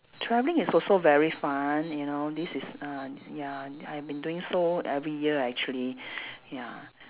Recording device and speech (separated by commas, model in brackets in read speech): telephone, conversation in separate rooms